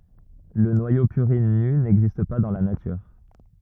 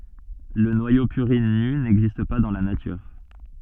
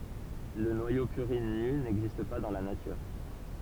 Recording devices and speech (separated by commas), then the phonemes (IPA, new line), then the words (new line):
rigid in-ear microphone, soft in-ear microphone, temple vibration pickup, read sentence
lə nwajo pyʁin ny nɛɡzist pa dɑ̃ la natyʁ
Le noyau purine nu n'existe pas dans la nature.